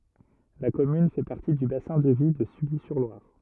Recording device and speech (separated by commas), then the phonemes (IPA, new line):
rigid in-ear microphone, read sentence
la kɔmyn fɛ paʁti dy basɛ̃ də vi də sylizyʁlwaʁ